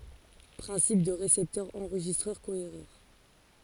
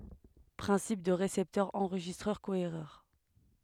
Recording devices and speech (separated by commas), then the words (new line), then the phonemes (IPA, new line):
forehead accelerometer, headset microphone, read sentence
Principe du récepteur enregistreur cohéreur.
pʁɛ̃sip dy ʁesɛptœʁ ɑ̃ʁʒistʁœʁ koeʁœʁ